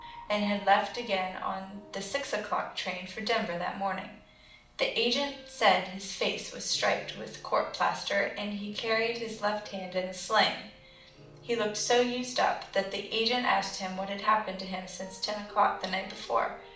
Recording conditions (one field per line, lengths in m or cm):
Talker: one person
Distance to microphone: 2.0 m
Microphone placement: close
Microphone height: 99 cm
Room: medium-sized (5.7 m by 4.0 m)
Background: music